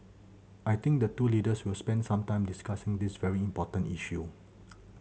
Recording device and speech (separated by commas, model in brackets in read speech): mobile phone (Samsung C7100), read sentence